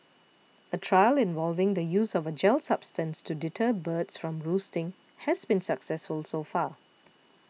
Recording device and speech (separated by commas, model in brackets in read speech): mobile phone (iPhone 6), read sentence